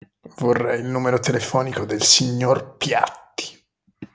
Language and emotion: Italian, disgusted